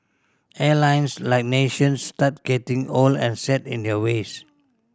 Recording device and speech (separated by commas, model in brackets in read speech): standing microphone (AKG C214), read sentence